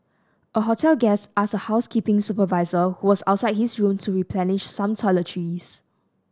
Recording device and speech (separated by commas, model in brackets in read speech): standing microphone (AKG C214), read sentence